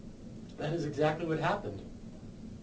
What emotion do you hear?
neutral